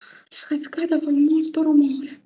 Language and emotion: Italian, fearful